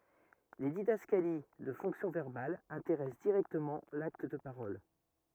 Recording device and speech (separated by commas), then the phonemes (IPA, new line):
rigid in-ear microphone, read sentence
le didaskali də fɔ̃ksjɔ̃ vɛʁbal ɛ̃teʁɛs diʁɛktəmɑ̃ lakt də paʁɔl